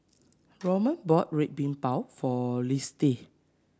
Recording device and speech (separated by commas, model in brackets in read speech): standing microphone (AKG C214), read sentence